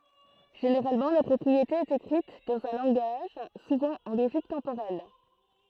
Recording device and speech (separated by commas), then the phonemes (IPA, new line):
throat microphone, read sentence
ʒeneʁalmɑ̃ la pʁɔpʁiete ɛt ekʁit dɑ̃z œ̃ lɑ̃ɡaʒ suvɑ̃ ɑ̃ loʒik tɑ̃poʁɛl